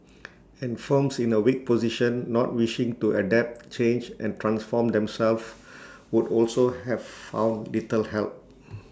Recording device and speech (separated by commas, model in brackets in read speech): standing microphone (AKG C214), read sentence